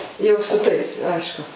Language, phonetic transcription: Lithuanian, ˈjau su ˈtais ˈaišku

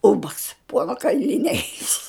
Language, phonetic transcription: Lithuanian, ˈūbags ˈpuona kailiˈniai

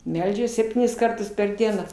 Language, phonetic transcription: Lithuanian, ˈmeldžias sepˈtynis ˈkartus per ˈdieną

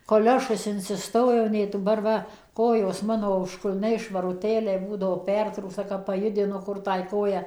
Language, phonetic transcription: Lithuanian, koˈliošus insiˈstojo nei duˈbar ˈva ˈkojos ˈmano užkulˈniai švaruˈtėliai ˈbūdavo ˈpertrūksta kap paˈjudinu ˈkur ˈtąj ˈkoją

